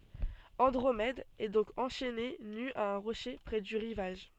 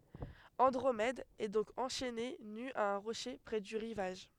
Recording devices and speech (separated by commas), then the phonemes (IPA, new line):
soft in-ear microphone, headset microphone, read sentence
ɑ̃dʁomɛd ɛ dɔ̃k ɑ̃ʃɛne ny a œ̃ ʁoʃe pʁɛ dy ʁivaʒ